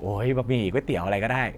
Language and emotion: Thai, frustrated